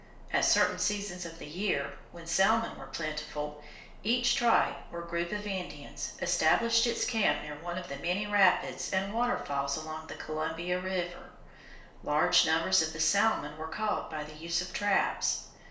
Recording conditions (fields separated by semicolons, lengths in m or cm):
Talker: one person; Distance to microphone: 1.0 m; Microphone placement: close; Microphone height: 1.1 m; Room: small (3.7 m by 2.7 m); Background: none